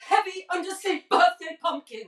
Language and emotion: English, angry